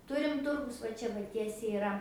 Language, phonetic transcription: Lithuanian, ˈturim ˈturgus va ˈčia va ˈtiesiai iˈra

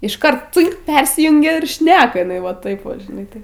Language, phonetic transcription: Lithuanian, išˈkart ˈcɨnk ˈpersijungia ir ˈšneka iˈnai va ˈtaip ˈva žiˈnai tai

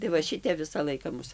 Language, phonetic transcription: Lithuanian, tai va ˈšitep ˈvisa ˈlaika ˈmus

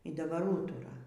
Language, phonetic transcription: Lithuanian, y daˈbar ˈūtura

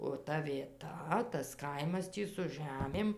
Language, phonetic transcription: Lithuanian, o ˈta vieˈta tas ˈkaimas ˈtį su ˈžæmėm

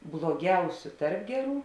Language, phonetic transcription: Lithuanian, bloˈgiausiu ˈtarp ˈgeˌrų

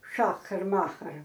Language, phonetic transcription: Lithuanian, ˈšachar ˈmachar

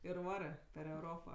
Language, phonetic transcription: Lithuanian, ir ˈvarɜ per euˈropa

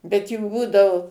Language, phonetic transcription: Lithuanian, bet jų ˈbūdavu

